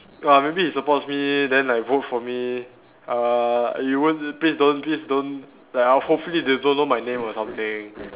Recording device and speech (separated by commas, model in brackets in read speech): telephone, conversation in separate rooms